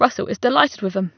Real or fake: real